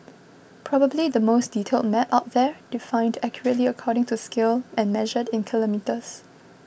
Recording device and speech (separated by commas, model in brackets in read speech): boundary microphone (BM630), read sentence